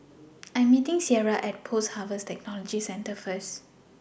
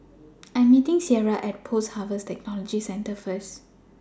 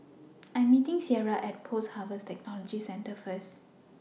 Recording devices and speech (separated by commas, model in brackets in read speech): boundary microphone (BM630), standing microphone (AKG C214), mobile phone (iPhone 6), read sentence